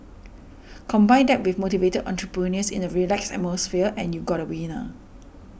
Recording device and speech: boundary microphone (BM630), read sentence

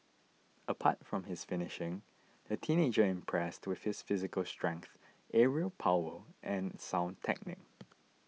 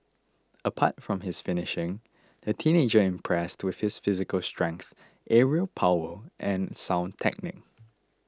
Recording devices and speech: mobile phone (iPhone 6), close-talking microphone (WH20), read sentence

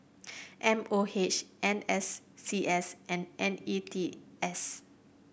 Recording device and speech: boundary microphone (BM630), read sentence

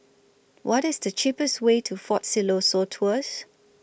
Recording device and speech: boundary microphone (BM630), read sentence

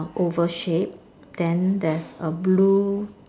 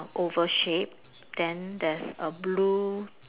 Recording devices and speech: standing microphone, telephone, conversation in separate rooms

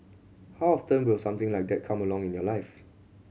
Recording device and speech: mobile phone (Samsung C7100), read sentence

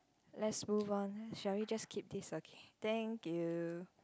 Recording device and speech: close-talking microphone, conversation in the same room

